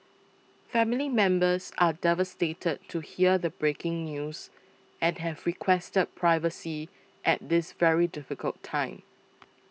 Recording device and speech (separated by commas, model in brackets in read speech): mobile phone (iPhone 6), read sentence